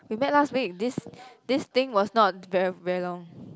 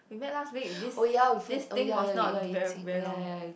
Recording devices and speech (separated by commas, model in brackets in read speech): close-talking microphone, boundary microphone, conversation in the same room